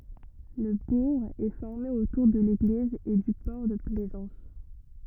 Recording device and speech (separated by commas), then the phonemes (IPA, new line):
rigid in-ear microphone, read sentence
lə buʁ ɛ fɔʁme otuʁ də leɡliz e dy pɔʁ də plɛzɑ̃s